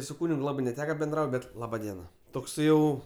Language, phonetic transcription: Lithuanian, su ˈkūnig ˈlabɜ neˈteka benˈdraut' ˈbet ˈlaba ˈdiena ˈtoks ˈjau

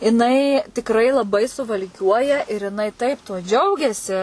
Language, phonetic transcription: Lithuanian, jiˈnai tikˈrai laˈbai suvalˈkiuoja ir jiˈnai ˈtaip tuo ˈdžiaugiasi

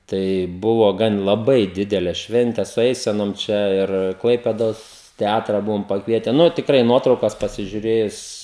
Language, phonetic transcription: Lithuanian, tai ˈbuvo ˈgan laˈbai ˈdidele ˈšvente su ˈeisenom ˈčia ir ˈklaipėdos teˈatra ˈbuvom pakˈviete ˈnu tikˈrai ˈnuotraukas pasižiuˈrėjus

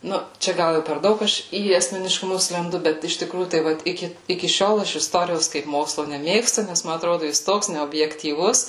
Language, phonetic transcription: Lithuanian, ˈnu ˈčia ˈgal ˈjau per ˈdaug ˈaš į asmeniškuˈmus lenˈdu ˈbet iš tiˈkrųjų tai ˈvat ˈiki iki ˈšiol ˈaš isˈtorijos kaip ˈmokslo neˈmėgstu ˈnes ˈma atˈrodu jis ˈtoks neobjektyˈvus

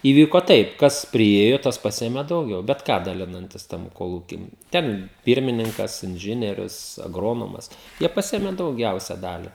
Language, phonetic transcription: Lithuanian, įˈvyko ˈtaip ˈkas priˈėjo ˈtas ˈpasėmė dauˈgiau bet ˈką daˈlinantis ˈtam koˈlūky ˈten ˈpyrmininkas inˈžinierius agˈronomas ˈjie paˈsiėme dauˈgiausia ˈdali

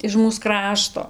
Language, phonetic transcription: Lithuanian, iž ˈmūs ˈkrašto

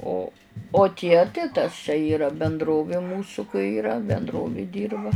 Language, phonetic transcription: Lithuanian, ˈo o ˈtie tai tas čia ˈyra benˈdrovė ˈmūsu kai yˈra benˈdrovėˈdyrba

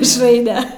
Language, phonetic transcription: Lithuanian, mišˈraine

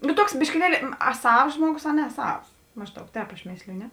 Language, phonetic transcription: Lithuanian, nu ˈtuoks biškiˈlieli a ˈsavs ˈžmuoˌgus a ne ˈsavs ˈmažˌdaug ˈtēp aš ˈmėsliju ˈne

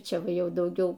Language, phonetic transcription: Lithuanian, ˈčia ˈva ˈjau dauˈgiau

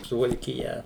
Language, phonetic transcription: Lithuanian, suvalkiˈja

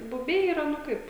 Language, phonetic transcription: Lithuanian, buˈbiai yˈra nu ˈkaip

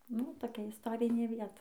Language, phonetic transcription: Lithuanian, nu toˈkia isˈtorinė ˈvieta

